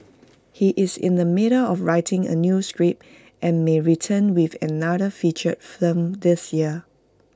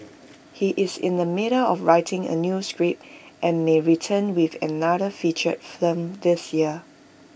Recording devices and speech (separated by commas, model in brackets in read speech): close-talking microphone (WH20), boundary microphone (BM630), read sentence